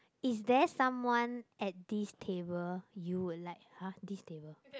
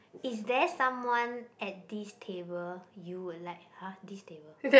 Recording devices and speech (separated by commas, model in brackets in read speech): close-talking microphone, boundary microphone, conversation in the same room